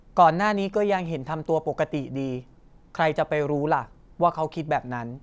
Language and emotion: Thai, neutral